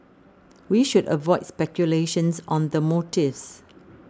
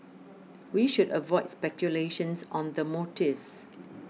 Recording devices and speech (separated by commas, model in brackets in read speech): standing microphone (AKG C214), mobile phone (iPhone 6), read sentence